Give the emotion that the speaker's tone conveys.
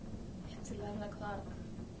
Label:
neutral